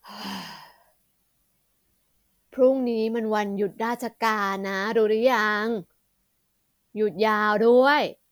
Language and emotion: Thai, happy